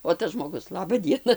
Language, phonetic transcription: Lithuanian, o ˈtas žmoˈgus ˈlaba ˈdiena

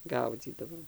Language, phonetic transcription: Lithuanian, ˈgaudzydavom

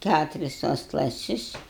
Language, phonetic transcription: Lithuanian, ˈkæturis tuos klaˈsis

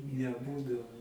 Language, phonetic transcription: Lithuanian, neˈbūdavo

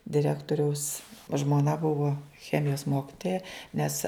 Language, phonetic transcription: Lithuanian, diˈrektoriaus žmoˈna ˈbuvo ˈchemijos ˈmokitoja ˈnes

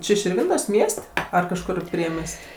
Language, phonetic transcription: Lithuanian, ˈči širˈvintos' ˈmies't' ˈar kažˈkur ˈpriemies't'

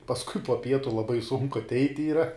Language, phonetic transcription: Lithuanian, pasˈkui po ˈpietu laˈbai sunku atˈeit' yˈra

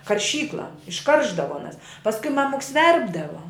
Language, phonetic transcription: Lithuanian, karˈšykla išˈkaršdavo aˈnas pasˈkui ˈmamuks ˈverpdavo

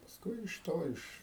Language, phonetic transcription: Lithuanian, pasˈkui iš ˈto ˈiš

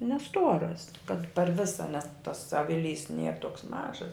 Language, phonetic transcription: Lithuanian, neˈstuoras kad par ˈvisa nes tas ˈaviˌlys ˈnier ˈtoks ˈmažas

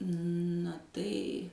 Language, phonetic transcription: Lithuanian, na ˈtai

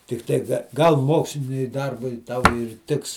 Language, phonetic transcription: Lithuanian, tikˈtai gal ˈmoksliniui ˈdarbui ˈtau ir ˈtiks

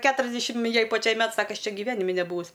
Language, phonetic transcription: Lithuanian, ˈketuriasdešim ˈjai paˈčiai ˈmet ˈsaka ˈaš ˈčia giˈvenimi neˈbūvus

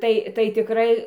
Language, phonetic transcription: Lithuanian, ˈtai tai tiˈkrai

